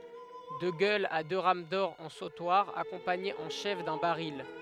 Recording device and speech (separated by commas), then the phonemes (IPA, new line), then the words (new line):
headset microphone, read sentence
də ɡœlz a dø ʁam dɔʁ ɑ̃ sotwaʁ akɔ̃paɲez ɑ̃ ʃɛf dœ̃ baʁil
De gueules à deux rames d'or en sautoir, accompagnées en chef d'un baril.